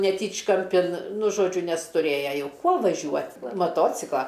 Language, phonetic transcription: Lithuanian, neˈtyčkampin nu ˈžodžiu nes tuˈrėja ˈjau ˈkuo vaˈžiuot maˈtocikla

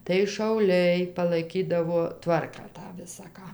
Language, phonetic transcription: Lithuanian, tai šauˈliai palaiˈkydavo ˈtvarką ˈtą ˈvisa ˈką

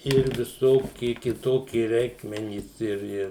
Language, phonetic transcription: Lithuanian, ir viˈsoki kiˈtoki ˈreikmenys ir ˈir

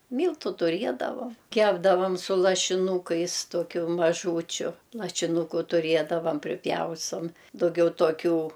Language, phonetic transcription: Lithuanian, ˈmyltu tuˈriedavam ˈkepdavam su lašiˈnūkais ˈtokiu maˈžūčiu lašiˈnūku tuˈriedavam priˈpjaustom dauˈgiau toˈkių

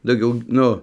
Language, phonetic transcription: Lithuanian, dauˈgiau ˈnu

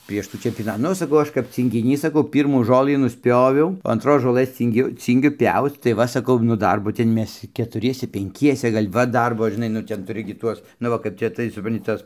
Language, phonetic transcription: Lithuanian, prieš ˈtų čempioˈna ˈnu saˈkau ˈaš kap cyngiˈnys saˈkau ˈpyrmų ˈžolɨ nusˈpjoviau o anˈtros žoˈlɘs ˈcyngiu ˈcyngiu ˈpiauc tai ˈva saˈkau nu ˈdarbo ˈten ˈmes ketuˈriese penˈkiese ˈgal' ˈva ˈdarbo žiˈnai nu ˈten tuˈri gi ˈtuos nu ˈva kaip ˈčia tai supranˈti ˈtas

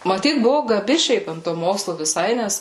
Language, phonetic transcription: Lithuanian, maˈtyt buvu gaˈbi ˈšiaip ant to ˈmokslu viˈsai ˈnes

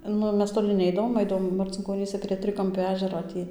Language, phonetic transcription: Lithuanian, ˈnu ˈmes toˈli ˈneidavom ˈaidavom marcinkoˈnyse prie ˈtrikampio ˈežero ˈtį

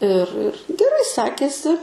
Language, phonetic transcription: Lithuanian, ir ir geˈrai ˈsekėsi

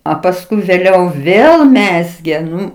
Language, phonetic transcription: Lithuanian, a pasˈkui vėˈliau ˈvėl ˈmezgė ˈnu

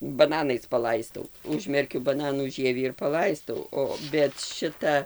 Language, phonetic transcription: Lithuanian, baˈnanais paˈlaistau ˈužmerkiu baˈnanų ˈžievį ir paˈlaistau ˈo bet ˈšita

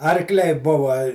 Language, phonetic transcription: Lithuanian, arkˈliai ˈbuva

